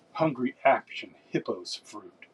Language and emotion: English, disgusted